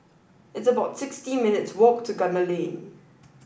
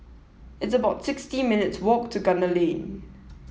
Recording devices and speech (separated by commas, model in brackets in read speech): boundary microphone (BM630), mobile phone (iPhone 7), read sentence